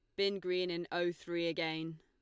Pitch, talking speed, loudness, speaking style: 175 Hz, 200 wpm, -37 LUFS, Lombard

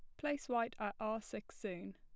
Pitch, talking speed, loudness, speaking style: 225 Hz, 205 wpm, -42 LUFS, plain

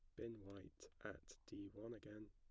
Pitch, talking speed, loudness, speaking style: 100 Hz, 170 wpm, -56 LUFS, plain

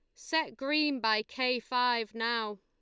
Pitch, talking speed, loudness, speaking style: 245 Hz, 150 wpm, -31 LUFS, Lombard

